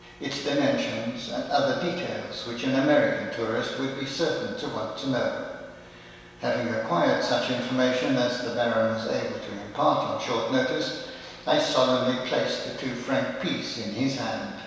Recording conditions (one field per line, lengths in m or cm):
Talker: one person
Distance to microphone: 1.7 m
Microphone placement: close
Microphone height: 1.0 m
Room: very reverberant, large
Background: none